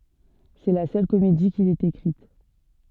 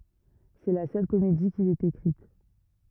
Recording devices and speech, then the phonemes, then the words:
soft in-ear microphone, rigid in-ear microphone, read sentence
sɛ la sœl komedi kil ɛt ekʁit
C’est la seule comédie qu'il ait écrite.

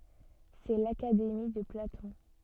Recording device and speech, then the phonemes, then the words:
soft in-ear microphone, read sentence
sɛ lakademi də platɔ̃
C'est l’Académie de Platon.

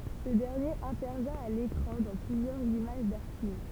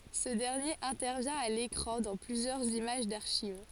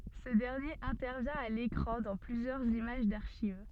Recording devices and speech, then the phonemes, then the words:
temple vibration pickup, forehead accelerometer, soft in-ear microphone, read sentence
sə dɛʁnjeʁ ɛ̃tɛʁvjɛ̃ a lekʁɑ̃ dɑ̃ plyzjœʁz imaʒ daʁʃiv
Ce dernier intervient à l'écran dans plusieurs images d'archives.

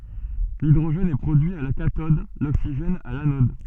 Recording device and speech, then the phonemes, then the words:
soft in-ear microphone, read sentence
lidʁoʒɛn ɛ pʁodyi a la katɔd loksiʒɛn a lanɔd
L'hydrogène est produit à la cathode, l'oxygène à l'anode.

